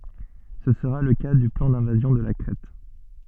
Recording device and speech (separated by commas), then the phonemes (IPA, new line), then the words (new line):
soft in-ear microphone, read sentence
sə səʁa lə ka dy plɑ̃ dɛ̃vazjɔ̃ də la kʁɛt
Ce sera le cas du plan d'invasion de la Crète.